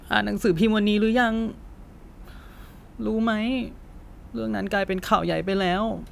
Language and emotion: Thai, sad